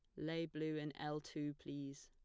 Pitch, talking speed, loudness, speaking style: 150 Hz, 195 wpm, -45 LUFS, plain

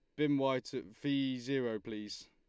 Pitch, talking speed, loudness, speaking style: 130 Hz, 175 wpm, -36 LUFS, Lombard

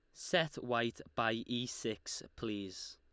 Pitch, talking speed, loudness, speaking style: 115 Hz, 130 wpm, -38 LUFS, Lombard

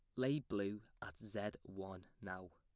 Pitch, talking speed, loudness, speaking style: 100 Hz, 155 wpm, -45 LUFS, plain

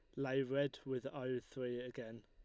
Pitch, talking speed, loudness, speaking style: 130 Hz, 175 wpm, -42 LUFS, Lombard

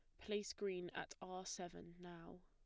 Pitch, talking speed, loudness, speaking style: 185 Hz, 160 wpm, -49 LUFS, plain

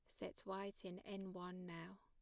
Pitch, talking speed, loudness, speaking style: 190 Hz, 200 wpm, -51 LUFS, plain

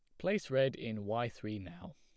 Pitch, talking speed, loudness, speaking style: 115 Hz, 205 wpm, -36 LUFS, plain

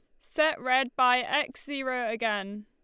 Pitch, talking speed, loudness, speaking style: 255 Hz, 150 wpm, -27 LUFS, Lombard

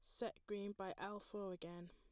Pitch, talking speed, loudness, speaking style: 195 Hz, 210 wpm, -49 LUFS, plain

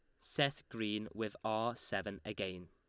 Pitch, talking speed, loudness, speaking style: 105 Hz, 145 wpm, -39 LUFS, Lombard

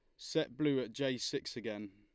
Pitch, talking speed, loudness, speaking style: 125 Hz, 205 wpm, -37 LUFS, Lombard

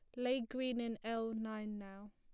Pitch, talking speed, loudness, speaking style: 225 Hz, 185 wpm, -41 LUFS, plain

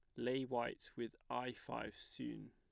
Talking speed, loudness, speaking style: 155 wpm, -45 LUFS, plain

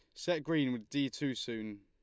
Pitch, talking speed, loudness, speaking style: 135 Hz, 220 wpm, -36 LUFS, Lombard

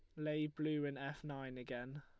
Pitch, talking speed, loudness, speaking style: 145 Hz, 200 wpm, -43 LUFS, Lombard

